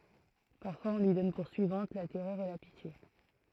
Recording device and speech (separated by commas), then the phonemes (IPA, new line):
throat microphone, read sentence
paʁfwaz ɔ̃ lyi dɔn puʁ syivɑ̃t la tɛʁœʁ e la pitje